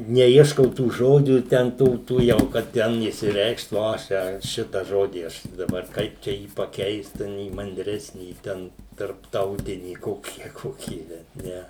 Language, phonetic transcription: Lithuanian, neˈieškau tų ˈžodžių ˈten ˈtų tų ˈjau kad ˈten išsiˈreikšt ˈvo aš ˈčia ˈšita ˈžodį ˈaš daˈbar ˈkaip čia ˈjį paˈkeist ˈten į manˈdresnį ˈten tarpˈtautinį ˈkokį a ˈkokį bet ˈne

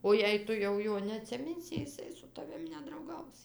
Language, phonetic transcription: Lithuanian, o jei ˈtu jau ˈjo neatsiˈminsi jiˈsai su taˈvim nedrauˈgaus

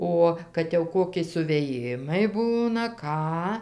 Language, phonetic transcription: Lithuanian, ˈo kad jau ˈkoki suvėˈjimai ˈbūna ˈką

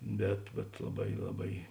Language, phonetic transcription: Lithuanian, ˈbet bet laˈbai laˈbai

